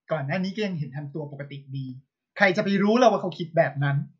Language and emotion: Thai, frustrated